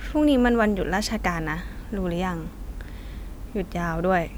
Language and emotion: Thai, neutral